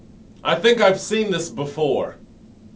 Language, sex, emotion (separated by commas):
English, male, neutral